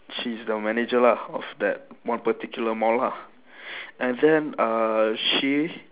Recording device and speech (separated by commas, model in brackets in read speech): telephone, conversation in separate rooms